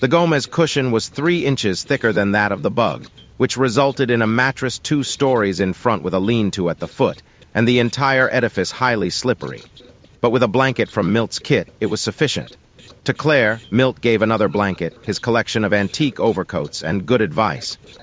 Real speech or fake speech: fake